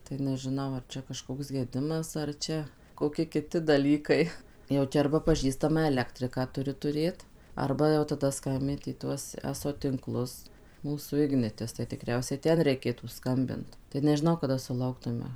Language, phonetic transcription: Lithuanian, tai nežiˈnau ar ˈčia kažˈkoks geˈdimas ar ˈčia koˈki kiˈti daˈlykai jau ˈčia arba paˈžįstamą eˈlektriką tuˈri tuˈrėt ˈarba jau taˈda ˈskambint į ˈtuos ˈeso tinˈklus ˈmūsų ˈignitis tai tiˈkriausiai ˈten reiˈkėtų ˈskambint tai nežiˈnau kaˈda suˈlauktume

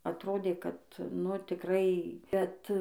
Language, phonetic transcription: Lithuanian, atˈrodė kad ˈnu tikˈrai ˈbet

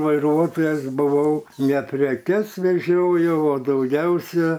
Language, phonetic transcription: Lithuanian, vaiˈruotojas buˈvau ne preˈkes veˈžiojau o dauˈgiausia

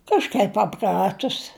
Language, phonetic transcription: Lithuanian, ˈkažkaip paˈpratus

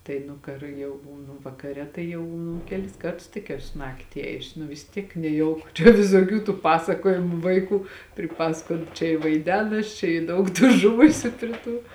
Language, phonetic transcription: Lithuanian, ˈtai nu kar ˈjau ˈbūnu vakaˈre tai ˈjau ˈnu ˈkelis ˈkartus tik ˈesu ˈnakti ˈėjusi nu vis ˈtiek neˈjauku čia visoˈkių tų ˈpasakojimu ˈvaiˌkū priˈpasakot čia i vaiˈdenas čia i ˈdaug tų ˈžuvusiu pri ˈtų

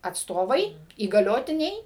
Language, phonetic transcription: Lithuanian, atsˈtovai įgaˈliotiniai

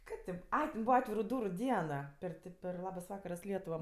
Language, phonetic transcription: Lithuanian, ˈkaip tė ˈai ten ˈbūva ˈatviru ˈdūru ˈdien per ˈti per ˈlabas ˈvakaras ˈlietuva

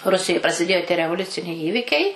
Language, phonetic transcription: Lithuanian, ˈrusijoj prasiˈdėjo tie revoˈliuciniai ˈįvikiai

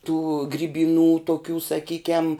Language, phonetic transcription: Lithuanian, tų grybyˈnų toˈkių saˈkykiam

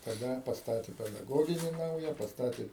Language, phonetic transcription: Lithuanian, taˈda pasˈtatė pedaˈgogini ˈnauja pasˈtatė

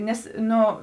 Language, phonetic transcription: Lithuanian, ˈnes ˈnu

